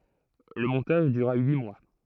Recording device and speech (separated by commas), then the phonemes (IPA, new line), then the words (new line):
throat microphone, read sentence
lə mɔ̃taʒ dyʁa yi mwa
Le montage dura huit mois.